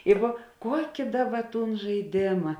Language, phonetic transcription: Lithuanian, jeiˈgu ˈkuoki ˈdaˌba ˈtūn žaiˈdėma

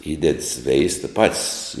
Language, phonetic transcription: Lithuanian, ˈįded ˈsveista ˈpat's'

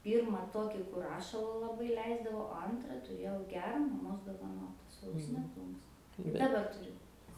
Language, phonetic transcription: Lithuanian, ˈpyrma ˈtoki kur ˈrašala laˈbai ˈleisdavo o ˈantra tuˈrėjau ˈgera maˈmos dovaˈnota su aukˈsine ˈplunks daˈba tuˈriu

